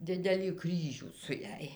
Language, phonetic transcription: Lithuanian, ˈdidelį ˈkryžių su ˈjąj

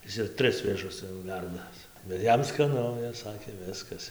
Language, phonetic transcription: Lithuanian, ˈis ir ˈtris vėˈžus ˈcia jau ˈverdas bet ˈjam skaˈnu is ˈsakė ˈviskas

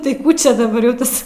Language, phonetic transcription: Lithuanian, tai ˈkų čia daˈbar jau ˈtas

